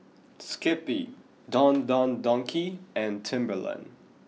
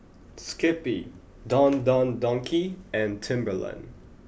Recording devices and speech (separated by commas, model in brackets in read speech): mobile phone (iPhone 6), boundary microphone (BM630), read sentence